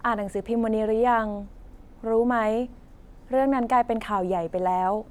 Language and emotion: Thai, neutral